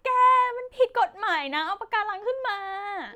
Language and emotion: Thai, frustrated